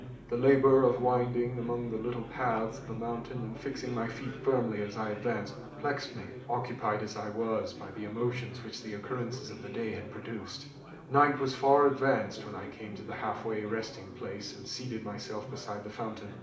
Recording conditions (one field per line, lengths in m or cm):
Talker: one person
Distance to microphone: 2.0 m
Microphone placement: close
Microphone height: 99 cm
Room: medium-sized (5.7 m by 4.0 m)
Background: babble